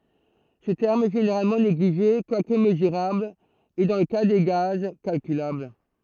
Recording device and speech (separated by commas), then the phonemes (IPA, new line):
throat microphone, read sentence
sə tɛʁm ɛ ʒeneʁalmɑ̃ neɡliʒe kwak məzyʁabl e dɑ̃ lə ka de ɡaz kalkylabl